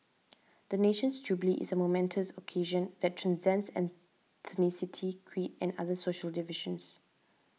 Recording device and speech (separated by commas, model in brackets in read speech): mobile phone (iPhone 6), read sentence